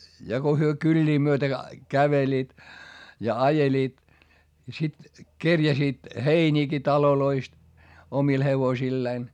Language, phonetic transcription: Finnish, ja ko hyö kyĺĺii myötä , käveliit , ja ajeliit , ja sit kerjäsiit , heińiiki taloloist , omil hevosilleen .
- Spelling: ja kun he kyliä myöten kävelivät ja ajelivat ja sitten kerjäsivät heiniäkin taloista omille hevosilleen

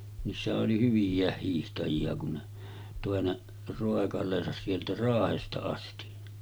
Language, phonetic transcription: Finnish, niissähä’ ’oli 'hyvij̆jä̀eh hiihtaji₍a kun ne , tòe ne 'ròekal̀eesas sieltä "Raahesta asti .
- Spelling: niissähän oli hyviäkin hiihtäjiä kun ne toi ne roikaleensa sieltä Raahesta asti

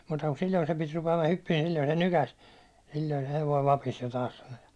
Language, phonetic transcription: Finnish, muuta ku 'sil̜l̜oi sem pit rupe₍ama 'hyppiin̬ ni 'sil̜l̜oi se 'nykäs , » 'sil̜l̜oi se hevoi 'vapis jo taas « sano ja .
- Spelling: muuta kuin silloin sen piti rupeaman hyppimään niin silloin se nykäisi silloin se hevonen vapisi jo taas sanoi ja

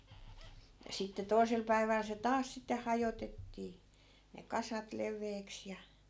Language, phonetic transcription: Finnish, ja 'sitte 'toi̮sel päiväl se "taas sitte 'hajotettii , ne 'kasat 'lev̆veeks ja .
- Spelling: ja sitten toisella päivällä se taas sitten hajotettiin ne kasat leveäksi ja

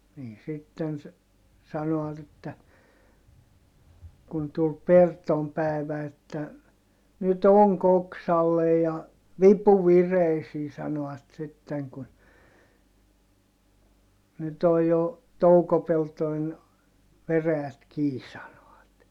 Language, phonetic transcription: Finnish, nii sitten se , sano₍at ‿että , kun tul Pertom pä̀i̮vä että , » nyt ‿oŋk ‿oksallej ja , vipu vireisii » sano₍at sitteŋ kun , » nyt ‿oj jo , toukopeltoin , veräjät kii » sano₍at .
- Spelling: niin sitten se sanovat että kun tuli Perton päivä että nyt onki oksalle ja vipu vireisiin sanoivat sitten kun nyt on jo toukopeltojen veräjät kiinni sanoivat

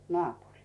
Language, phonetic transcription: Finnish, 'nᵒàpuŕii .
- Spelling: naapuriin

